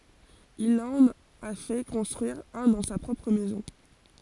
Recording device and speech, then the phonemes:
forehead accelerometer, read sentence
il ɑ̃n a fɛ kɔ̃stʁyiʁ œ̃ dɑ̃ sa pʁɔpʁ mɛzɔ̃

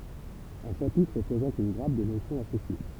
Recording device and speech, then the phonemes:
temple vibration pickup, read sentence
œ̃ ʃapitʁ pʁezɑ̃t yn ɡʁap də nosjɔ̃z asosje

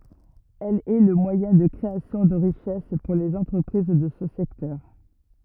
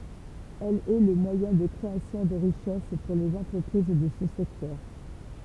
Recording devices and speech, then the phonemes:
rigid in-ear microphone, temple vibration pickup, read sentence
ɛl ɛ lə mwajɛ̃ də kʁeasjɔ̃ də ʁiʃɛs puʁ lez ɑ̃tʁəpʁiz də sə sɛktœʁ

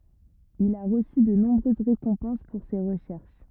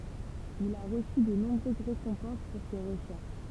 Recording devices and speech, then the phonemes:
rigid in-ear microphone, temple vibration pickup, read sentence
il a ʁəsy də nɔ̃bʁøz ʁekɔ̃pɑ̃s puʁ se ʁəʃɛʁʃ

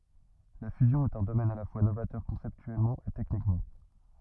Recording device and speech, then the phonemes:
rigid in-ear microphone, read sentence
la fyzjɔ̃ ɛt œ̃ domɛn a la fwa novatœʁ kɔ̃sɛptyɛlmɑ̃ e tɛknikmɑ̃

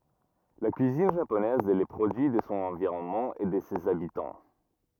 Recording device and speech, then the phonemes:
rigid in-ear microphone, read sentence
la kyizin ʒaponɛz ɛ lə pʁodyi də sɔ̃ ɑ̃viʁɔnmɑ̃ e də sez abitɑ̃

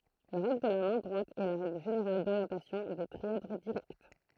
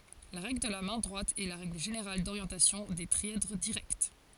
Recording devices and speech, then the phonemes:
throat microphone, forehead accelerometer, read sentence
la ʁɛɡl də la mɛ̃ dʁwat ɛ la ʁɛɡl ʒeneʁal doʁjɑ̃tasjɔ̃ de tʁiɛdʁ diʁɛkt

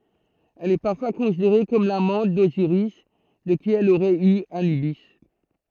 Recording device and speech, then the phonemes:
throat microphone, read sentence
ɛl ɛ paʁfwa kɔ̃sideʁe kɔm lamɑ̃t doziʁis də ki ɛl oʁɛt y anybi

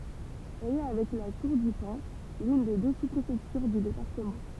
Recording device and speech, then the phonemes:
temple vibration pickup, read sentence
ɛl ɛ avɛk la tuʁ dy pɛ̃ lyn de dø su pʁefɛktyʁ dy depaʁtəmɑ̃

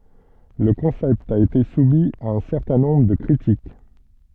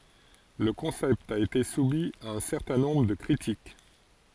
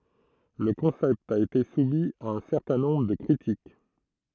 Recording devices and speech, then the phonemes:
soft in-ear microphone, forehead accelerometer, throat microphone, read sentence
lə kɔ̃sɛpt a ete sumi a œ̃ sɛʁtɛ̃ nɔ̃bʁ də kʁitik

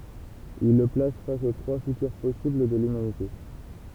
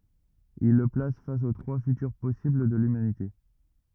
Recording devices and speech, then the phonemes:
temple vibration pickup, rigid in-ear microphone, read sentence
il lə plas fas o tʁwa fytyʁ pɔsibl də lymanite

